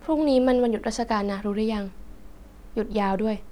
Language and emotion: Thai, neutral